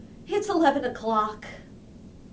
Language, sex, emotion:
English, female, disgusted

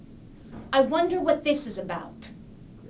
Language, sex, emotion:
English, female, angry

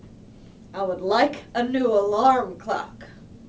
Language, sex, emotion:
English, female, angry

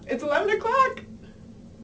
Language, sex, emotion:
English, female, happy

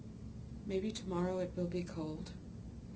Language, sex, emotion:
English, female, sad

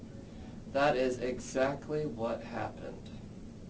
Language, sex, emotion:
English, male, neutral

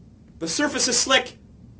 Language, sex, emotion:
English, male, fearful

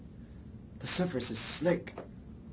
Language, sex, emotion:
English, male, neutral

